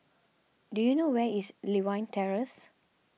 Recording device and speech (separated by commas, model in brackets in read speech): mobile phone (iPhone 6), read sentence